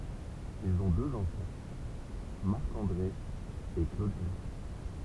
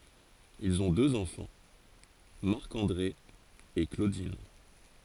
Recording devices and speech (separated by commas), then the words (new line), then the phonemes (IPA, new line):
temple vibration pickup, forehead accelerometer, read sentence
Ils ont deux enfants, Marc-André et Claudine.
ilz ɔ̃ døz ɑ̃fɑ̃ maʁk ɑ̃dʁe e klodin